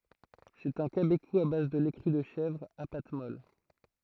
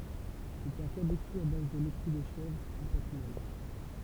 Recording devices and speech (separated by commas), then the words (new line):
throat microphone, temple vibration pickup, read sentence
C'est un cabécou à base de lait cru de chèvre, à pâte molle.